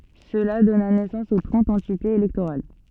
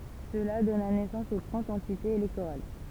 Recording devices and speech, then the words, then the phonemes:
soft in-ear microphone, temple vibration pickup, read sentence
Cela donna naissance aux trente entités électorales.
səla dɔna nɛsɑ̃s o tʁɑ̃t ɑ̃titez elɛktoʁal

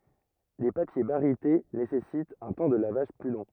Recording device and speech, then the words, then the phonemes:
rigid in-ear microphone, read sentence
Les papiers barytés nécessitent un temps de lavage plus long.
le papje baʁite nesɛsitt œ̃ tɑ̃ də lavaʒ ply lɔ̃

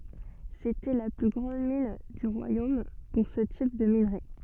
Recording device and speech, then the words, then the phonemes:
soft in-ear microphone, read sentence
C'était la plus grande mine du royaume pour ce type de minerai.
setɛ la ply ɡʁɑ̃d min dy ʁwajom puʁ sə tip də minʁe

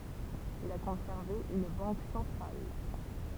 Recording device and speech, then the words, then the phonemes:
temple vibration pickup, read sentence
Il a conservé une banque centrale.
il a kɔ̃sɛʁve yn bɑ̃k sɑ̃tʁal

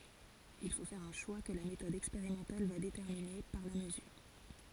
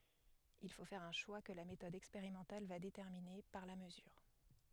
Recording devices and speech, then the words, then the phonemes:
forehead accelerometer, headset microphone, read sentence
Il faut faire un choix que la méthode expérimentale va déterminer, par la mesure.
il fo fɛʁ œ̃ ʃwa kə la metɔd ɛkspeʁimɑ̃tal va detɛʁmine paʁ la məzyʁ

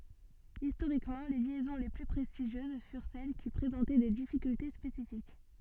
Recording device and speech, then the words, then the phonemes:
soft in-ear microphone, read sentence
Historiquement, les liaisons les plus prestigieuses furent celles qui présentaient des difficultés spécifiques.
istoʁikmɑ̃ le ljɛzɔ̃ le ply pʁɛstiʒjøz fyʁ sɛl ki pʁezɑ̃tɛ de difikylte spesifik

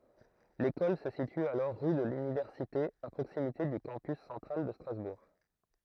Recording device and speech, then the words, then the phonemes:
throat microphone, read sentence
L'école se situe alors rue de l'Université à proximité du Campus central de Strasbourg.
lekɔl sə sity alɔʁ ʁy də lynivɛʁsite a pʁoksimite dy kɑ̃pys sɑ̃tʁal də stʁazbuʁ

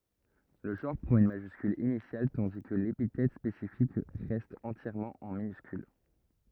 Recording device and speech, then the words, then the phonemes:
rigid in-ear microphone, read sentence
Le genre prend une majuscule initiale tandis que l'épithète spécifique reste entièrement en minuscule.
lə ʒɑ̃ʁ pʁɑ̃t yn maʒyskyl inisjal tɑ̃di kə lepitɛt spesifik ʁɛst ɑ̃tjɛʁmɑ̃ ɑ̃ minyskyl

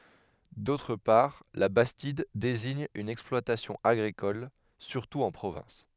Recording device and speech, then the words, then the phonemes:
headset microphone, read sentence
D’autre part, la bastide désigne une exploitation agricole, surtout en Provence.
dotʁ paʁ la bastid deziɲ yn ɛksplwatasjɔ̃ aɡʁikɔl syʁtu ɑ̃ pʁovɑ̃s

